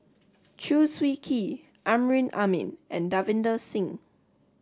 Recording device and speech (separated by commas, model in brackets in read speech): standing microphone (AKG C214), read sentence